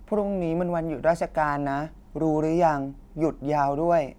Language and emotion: Thai, frustrated